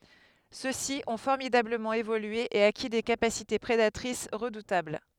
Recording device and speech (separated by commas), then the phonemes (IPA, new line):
headset microphone, read sentence
sø si ɔ̃ fɔʁmidabləmɑ̃ evolye e aki de kapasite pʁedatʁis ʁədutabl